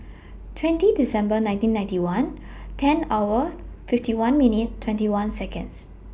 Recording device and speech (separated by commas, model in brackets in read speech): boundary microphone (BM630), read sentence